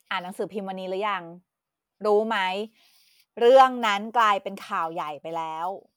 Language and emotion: Thai, frustrated